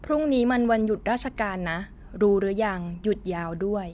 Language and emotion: Thai, neutral